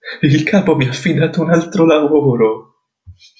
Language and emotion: Italian, fearful